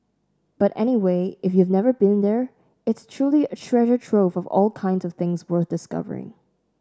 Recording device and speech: standing microphone (AKG C214), read sentence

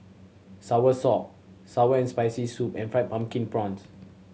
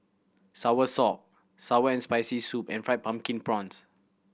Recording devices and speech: mobile phone (Samsung C7100), boundary microphone (BM630), read sentence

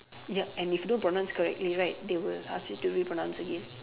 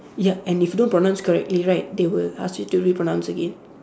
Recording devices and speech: telephone, standing microphone, conversation in separate rooms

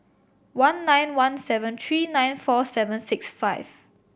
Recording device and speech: boundary microphone (BM630), read sentence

